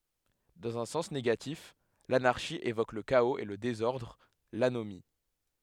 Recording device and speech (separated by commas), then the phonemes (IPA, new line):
headset microphone, read sentence
dɑ̃z œ̃ sɑ̃s neɡatif lanaʁʃi evok lə kaoz e lə dezɔʁdʁ lanomi